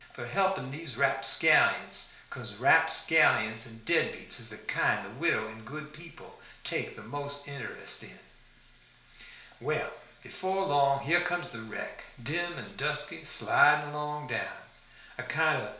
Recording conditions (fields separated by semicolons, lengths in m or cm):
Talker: one person; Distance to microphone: 1.0 m; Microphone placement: close; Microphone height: 1.1 m; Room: small (3.7 m by 2.7 m); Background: none